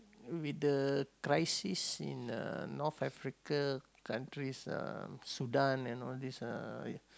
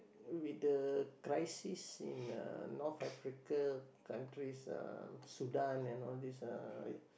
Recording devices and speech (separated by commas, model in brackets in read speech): close-talking microphone, boundary microphone, conversation in the same room